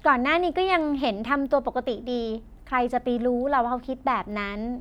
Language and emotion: Thai, happy